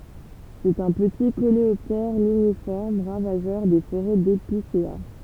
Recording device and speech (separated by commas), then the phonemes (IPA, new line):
temple vibration pickup, read sentence
sɛt œ̃ pəti koleɔptɛʁ liɲifɔʁm ʁavaʒœʁ de foʁɛ depisea